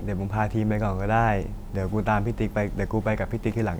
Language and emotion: Thai, frustrated